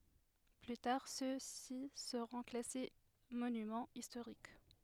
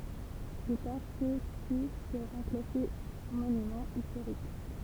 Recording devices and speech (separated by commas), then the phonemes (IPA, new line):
headset microphone, temple vibration pickup, read sentence
ply taʁ søksi səʁɔ̃ klase monymɑ̃ istoʁik